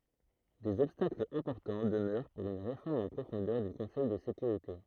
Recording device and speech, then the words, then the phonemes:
throat microphone, read sentence
Des obstacles importants demeurent pour une réforme en profondeur du Conseil de sécurité.
dez ɔbstaklz ɛ̃pɔʁtɑ̃ dəmœʁ puʁ yn ʁefɔʁm ɑ̃ pʁofɔ̃dœʁ dy kɔ̃sɛj də sekyʁite

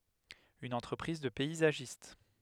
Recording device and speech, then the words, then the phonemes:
headset microphone, read sentence
Une entreprise de paysagiste.
yn ɑ̃tʁəpʁiz də pɛizaʒist

